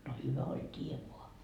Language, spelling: Finnish, no hyvä oli tie vain
- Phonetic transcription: no 'hyvä oĺ 't́ie voa .

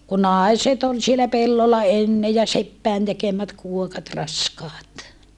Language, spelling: Finnish, kun naiset oli siellä pellolla ennen ja seppien tekemät kuokat raskaat
- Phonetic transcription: ku nàiset ‿ol sielä pellolla enne ja seppäin tekemät kuokat raskaat .

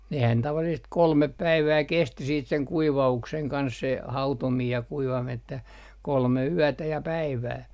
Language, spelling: Finnish, nehän tavallisesti kolme päivää kesti sitten sen kuivauksen kanssa se hautominen ja kuivaminen että kolme yötä ja päivää
- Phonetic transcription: nehän 'tavallisest "kolmep 'päivää 'kesti siit seŋ "kuiva₍ukseŋ 'kans se , 'hautomiij ja 'kuivamin ‿että , "kolme 'yätä ja "päivää .

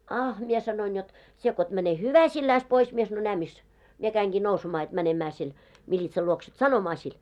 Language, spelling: Finnish, ah minä sanoin jotta sinä kun et mene hyväsilläsi pois minä sanoin näe missä minä kävinkin nousemaan jotta menemään sen militsan luokse että sanomaan sille
- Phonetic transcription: » ah « mie sanoin jot , » sie ko et mäne "hyväsilläis pois « mie sanoi » 'nää mis « , mie 'käiŋɢii 'nousemaa jot 'mänemää sen , 'miĺitsal luoks ‿et "sanomaa sil .

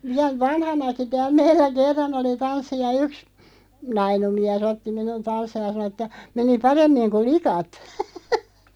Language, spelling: Finnish, vielä vanhanakin täällä meillä kerran oli tanssi ja yksi nainut mies otti minun tanssimaan ja sanoi että meni paremmin kuin likat
- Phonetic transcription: 'viäl "vanhanaki 'tääl 'meillä 'kerran ‿oli 'tanssi ja 'yks , "nainu 'miä's ‿otti 'minun "tanss(aaj) ja sᵃno ᵉttä , 'meni "paremmiŋ 'ku "likat .

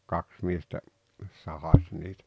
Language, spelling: Finnish, kaksi miestä sahasi niitä
- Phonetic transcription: kaks miestä , 'sahas niitä .

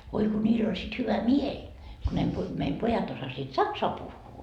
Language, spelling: Finnish, voi kun niillä oli sitten hyvä mieli kun ne - meidän pojat osasivat saksaa puhua
- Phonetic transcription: voi ko 'ńiil ‿oĺ sit hyvä "mieĺ , ku ne pu- , meim 'pojat osasiit "saksoa 'puhhuu .

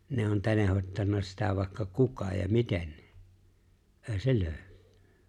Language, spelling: Finnish, ne on tenhottanut sitä vaikka kuka ja miten ei se löydy
- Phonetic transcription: ne on 'tenehot́tanna sitä vài̬kka "kuka ja "miteɴ , ''’e̬e̬ⁱ 'se "lööʸᴡʏ .

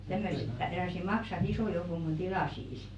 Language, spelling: Finnish, tämmöiset tämmöiset maksavat ison joukon kun tilaisi
- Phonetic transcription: tämmöse , tämᵐᵒ̈se "maksaᵛᵃ’§ᵗ isò joukoŋ ɢun 'tilàsiis .

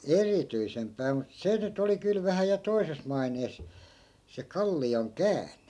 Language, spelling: Finnish, erityisempää mutta se nyt oli kyllä vähän ja toisessa maineessa se kallion käänne
- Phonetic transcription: "erityisempää mut 'se nyt ‿oli 'kyl vähä ja 'toises mainees , se 'kalli₍oŋ "kään̆ne .

